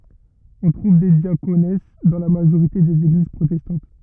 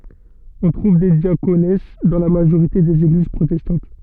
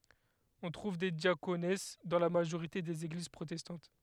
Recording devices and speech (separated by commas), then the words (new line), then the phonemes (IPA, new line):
rigid in-ear microphone, soft in-ear microphone, headset microphone, read sentence
On trouve des diaconesses dans la majorité des Églises protestantes.
ɔ̃ tʁuv de djakons dɑ̃ la maʒoʁite dez eɡliz pʁotɛstɑ̃t